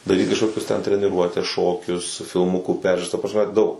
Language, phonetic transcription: Lithuanian, daˈryt kažˈkokius ten treniˈruotes ˈšokius filˈmukų ˈperžiūras ta prasˈme ˈdaug

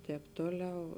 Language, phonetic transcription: Lithuanian, ˈtēp ˈtoˌliau

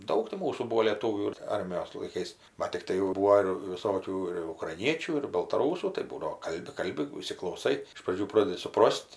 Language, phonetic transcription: Lithuanian, ˈdaug ti ˈmūsų ˈbūo lėˈtūvių ˈarmijos laiˈkais bat tikˈtai jau ˈbūo ir viˈsokių ir ukraiˈniečių ir baltaˈrūsų tai ˈbūdavo ˈkalbi ˈkalbi įsiklauˈsai iš praˈdžių ˈprodedi suˈpros't'

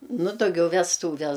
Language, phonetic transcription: Lithuanian, nu dauˈgiau vesˈtūves

